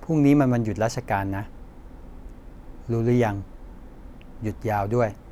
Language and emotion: Thai, neutral